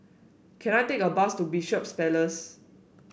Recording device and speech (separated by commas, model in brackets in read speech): boundary microphone (BM630), read sentence